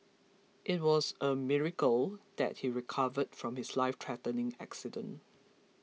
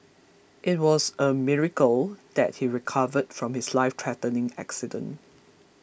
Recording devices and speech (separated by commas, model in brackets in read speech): mobile phone (iPhone 6), boundary microphone (BM630), read sentence